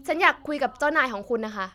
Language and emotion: Thai, frustrated